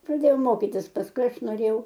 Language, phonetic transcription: Lithuanian, praˈdėjau ˈmokytis pasˈkui ˈaš noˈrėjau

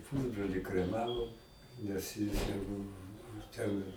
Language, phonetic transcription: Lithuanian, ˈpusbroli kreˈmavom nes jis jau ˈbuvu ten

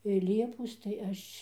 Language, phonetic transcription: Lithuanian, i ˈliepos tai ˈaš'

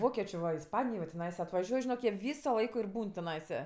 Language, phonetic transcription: Lithuanian, ˈvokečė va isˈpanijo jau tiˈnaisa atvaˈžiuoj žiˈnok jie ˈvyso ˈlaiko ir ˈbūn tiˈnaisa

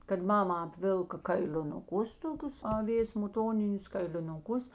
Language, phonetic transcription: Lithuanian, kad ˈmama apˈvilka kailinuˈkus toˈkius aˈvės muˈtoninius kailinuˈkus

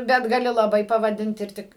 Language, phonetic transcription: Lithuanian, ˈbet gaˈli laˈbai pavaˈdint ir ˈtik

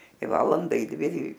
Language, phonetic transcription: Lithuanian, i ˈvalanda i ˈdvi i

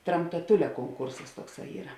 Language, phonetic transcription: Lithuanian, tramtaˈtulia konˈkursas ˈtuokˌsā ˈyra

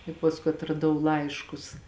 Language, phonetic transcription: Lithuanian, i pasˈkui atraˈdau ˈlaiškus

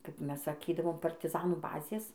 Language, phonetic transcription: Lithuanian, kap ˈmes saˈkydavom partiˈzanų ˈbazės

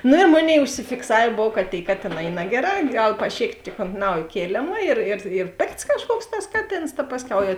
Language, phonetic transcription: Lithuanian, ˈno i ˈmoˌnėi užsifikˈsavė ˈbov ka tėi ˈkatėˌnā y ˈnageˌrā ˈgal paˈšėktė ont ˈnaujė ˈkėlėma ir ir ir ˈpėkts kažˈkuoks tas ˈkaˌtėns ta ˈpasˌkiau jau

